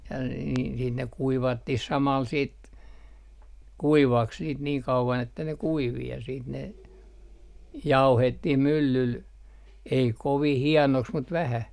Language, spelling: Finnish, ja - - niin ne kuivattiin samalla sitten kuivaksi niitä niin kauan että ne kuivui ja sitten ne vaihdettiin myllyllä ei kovin hienoksi mutta vähän
- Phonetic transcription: ja n - n - niin ne 'kuivattih 'samal siit , "kuivaks niit niiŋ 'kauvan ‿että ne "kuivi ja siit ne , "vaihettih 'myllyl , ei 'kovih "hiɛnoks mut 'vähä .

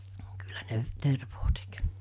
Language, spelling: Finnish, kyllä ne tervaa teki
- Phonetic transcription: kyllä ne 'tervoo tek .

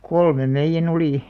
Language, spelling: Finnish, kolmen meidän oli
- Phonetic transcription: kolmem 'meijjä'n ‿olì .

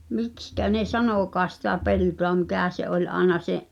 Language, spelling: Finnish, miksi ne sanokaan sitä peltoa mikä se oli aina se
- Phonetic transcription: 'mikskä ne "sanok̀aas sitä 'peltoa mikä̀ se '’oĺ 'àena 'se’ ,.

